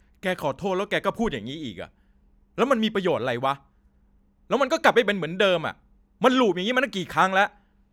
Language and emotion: Thai, angry